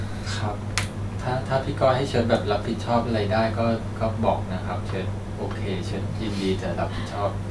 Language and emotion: Thai, sad